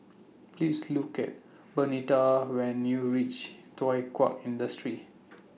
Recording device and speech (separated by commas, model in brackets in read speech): mobile phone (iPhone 6), read sentence